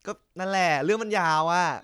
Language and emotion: Thai, frustrated